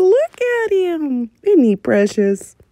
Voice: high pitched voice